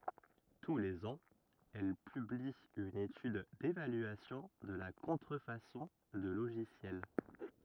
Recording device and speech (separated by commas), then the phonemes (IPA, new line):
rigid in-ear microphone, read sentence
tu lez ɑ̃z ɛl pybli yn etyd devalyasjɔ̃ də la kɔ̃tʁəfasɔ̃ də loʒisjɛl